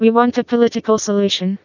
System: TTS, vocoder